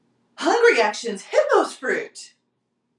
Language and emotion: English, surprised